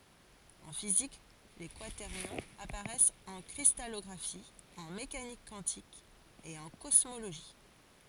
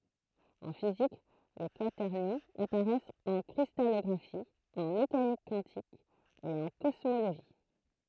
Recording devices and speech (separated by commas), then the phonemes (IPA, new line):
forehead accelerometer, throat microphone, read sentence
ɑ̃ fizik le kwatɛʁnjɔ̃z apaʁɛst ɑ̃ kʁistalɔɡʁafi ɑ̃ mekanik kwɑ̃tik e ɑ̃ kɔsmoloʒi